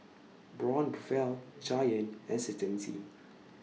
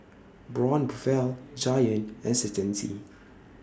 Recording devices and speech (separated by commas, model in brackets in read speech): mobile phone (iPhone 6), standing microphone (AKG C214), read sentence